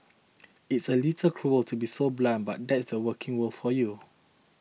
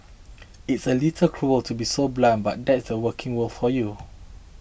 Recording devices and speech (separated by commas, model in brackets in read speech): mobile phone (iPhone 6), boundary microphone (BM630), read sentence